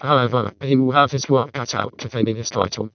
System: VC, vocoder